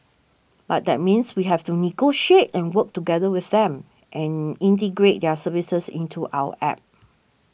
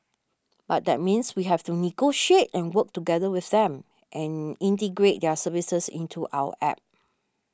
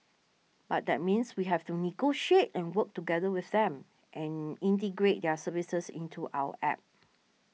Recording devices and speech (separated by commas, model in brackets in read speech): boundary microphone (BM630), standing microphone (AKG C214), mobile phone (iPhone 6), read sentence